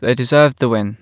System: none